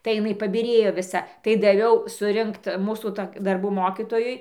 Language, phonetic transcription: Lithuanian, tai iˈnai pabiˈrėjo viˈsa tai daˈviau suˈrinkt ˈmūsų ˈtok' darˈbų ˈmokytojui

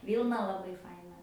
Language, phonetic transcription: Lithuanian, ˈvylna laˈbai ˈfaina

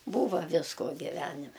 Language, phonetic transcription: Lithuanian, ˈbūva ˈvisko giˈvenime

